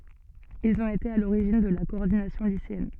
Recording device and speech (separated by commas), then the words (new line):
soft in-ear microphone, read sentence
Ils ont été à l'origine de la Coordination Lycéenne.